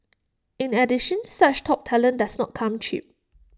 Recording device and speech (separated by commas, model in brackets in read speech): standing microphone (AKG C214), read sentence